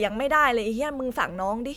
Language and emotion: Thai, frustrated